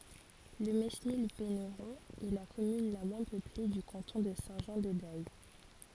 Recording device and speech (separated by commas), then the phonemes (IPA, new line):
forehead accelerometer, read sentence
lə menil venʁɔ̃ ɛ la kɔmyn la mwɛ̃ pøple dy kɑ̃tɔ̃ də sɛ̃ ʒɑ̃ də dɛj